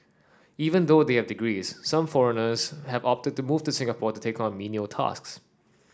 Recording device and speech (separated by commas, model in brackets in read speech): standing microphone (AKG C214), read sentence